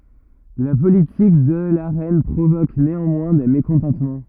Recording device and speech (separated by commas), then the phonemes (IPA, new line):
rigid in-ear microphone, read sentence
la politik də la ʁɛn pʁovok neɑ̃mwɛ̃ de mekɔ̃tɑ̃tmɑ̃